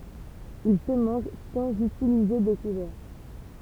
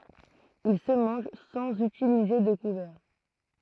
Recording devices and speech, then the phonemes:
temple vibration pickup, throat microphone, read sentence
il sə mɑ̃ʒ sɑ̃z ytilize də kuvɛʁ

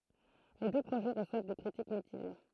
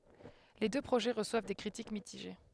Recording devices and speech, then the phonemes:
throat microphone, headset microphone, read sentence
le dø pʁoʒɛ ʁəswav de kʁitik mitiʒe

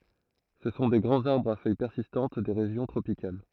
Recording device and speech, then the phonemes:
throat microphone, read sentence
sə sɔ̃ de ɡʁɑ̃z aʁbʁz a fœj pɛʁsistɑ̃t de ʁeʒjɔ̃ tʁopikal

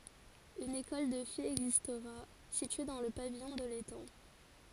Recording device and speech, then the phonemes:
forehead accelerometer, read sentence
yn ekɔl də fijz ɛɡzistʁa sitye dɑ̃ lə pavijɔ̃ də letɑ̃

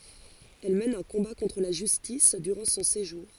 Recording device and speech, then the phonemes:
forehead accelerometer, read sentence
ɛl mɛn œ̃ kɔ̃ba kɔ̃tʁ la ʒystis dyʁɑ̃ sɔ̃ seʒuʁ

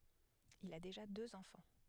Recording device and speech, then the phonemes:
headset microphone, read sentence
il a deʒa døz ɑ̃fɑ̃

